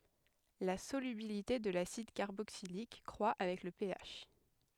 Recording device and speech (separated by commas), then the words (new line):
headset microphone, read sentence
La solubilité de l'acide carboxylique croit avec le pH.